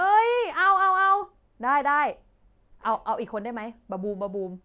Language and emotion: Thai, happy